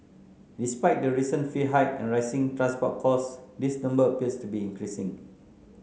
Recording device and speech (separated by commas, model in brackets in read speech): mobile phone (Samsung C9), read sentence